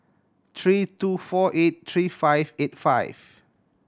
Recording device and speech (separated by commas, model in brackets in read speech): standing microphone (AKG C214), read sentence